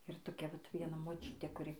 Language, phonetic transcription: Lithuanian, ir toˈkia vat vieˈna moˈčiutė kuˈri

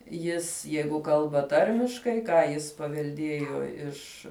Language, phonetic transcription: Lithuanian, ˈjis ˈjeigu ˈkalba ˈtarmiškai ˈką jis pavelˈdiejo ˈiš

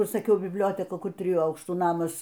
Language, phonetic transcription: Lithuanian, ˈkur saˈkiau bibˈlioteka ˈkur ˈtrijų ˈaukštų ˈnamas

